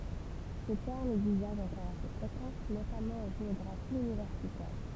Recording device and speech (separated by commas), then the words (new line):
temple vibration pickup, read sentence
Ce terme est d'usage encore assez fréquent, notamment en géographie universitaire.